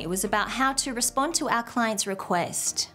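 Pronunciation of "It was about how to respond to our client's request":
The intonation goes down at the end of the sentence, on 'request'.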